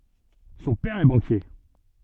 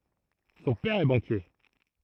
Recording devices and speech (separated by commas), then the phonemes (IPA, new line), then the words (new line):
soft in-ear microphone, throat microphone, read sentence
sɔ̃ pɛʁ ɛ bɑ̃kje
Son père est banquier.